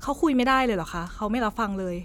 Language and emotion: Thai, neutral